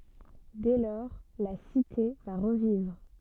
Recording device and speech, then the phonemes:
soft in-ear microphone, read sentence
dɛ lɔʁ la site va ʁəvivʁ

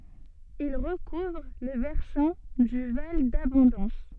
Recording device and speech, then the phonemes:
soft in-ear microphone, read sentence
il ʁəkuvʁ le vɛʁsɑ̃ dy val dabɔ̃dɑ̃s

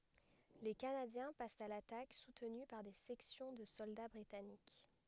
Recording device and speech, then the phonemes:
headset microphone, read sentence
le kanadjɛ̃ past a latak sutny paʁ de sɛksjɔ̃ də sɔlda bʁitanik

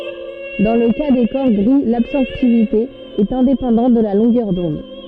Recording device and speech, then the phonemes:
soft in-ear microphone, read sentence
dɑ̃ lə ka de kɔʁ ɡʁi labsɔʁptivite ɛt ɛ̃depɑ̃dɑ̃t də la lɔ̃ɡœʁ dɔ̃d

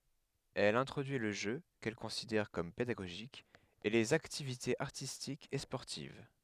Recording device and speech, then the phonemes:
headset microphone, read sentence
ɛl ɛ̃tʁodyi lə ʒø kɛl kɔ̃sidɛʁ kɔm pedaɡoʒik e lez aktivitez aʁtistikz e spɔʁtiv

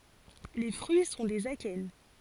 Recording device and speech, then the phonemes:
forehead accelerometer, read sentence
le fʁyi sɔ̃ dez akɛn

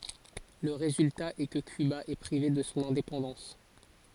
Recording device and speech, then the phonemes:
forehead accelerometer, read sentence
lə ʁezylta ɛ kə kyba ɛ pʁive də sɔ̃ ɛ̃depɑ̃dɑ̃s

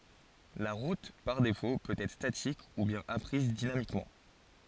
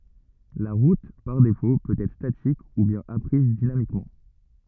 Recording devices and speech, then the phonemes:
forehead accelerometer, rigid in-ear microphone, read sentence
la ʁut paʁ defo pøt ɛtʁ statik u bjɛ̃n apʁiz dinamikmɑ̃

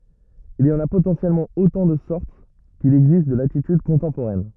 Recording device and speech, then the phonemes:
rigid in-ear microphone, read sentence
il i ɑ̃n a potɑ̃sjɛlmɑ̃ otɑ̃ də sɔʁt kil ɛɡzist də latityd kɔ̃tɑ̃poʁɛn

